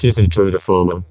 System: VC, vocoder